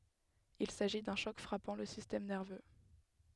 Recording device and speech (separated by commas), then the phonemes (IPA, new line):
headset microphone, read sentence
il saʒi dœ̃ ʃɔk fʁapɑ̃ lə sistɛm nɛʁvø